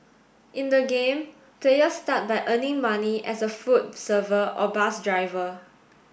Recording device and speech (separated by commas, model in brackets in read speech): boundary microphone (BM630), read sentence